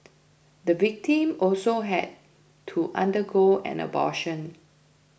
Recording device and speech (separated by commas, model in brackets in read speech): boundary microphone (BM630), read sentence